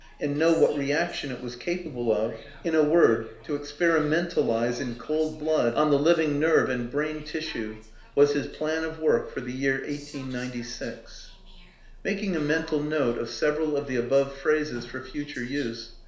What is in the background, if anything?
A television.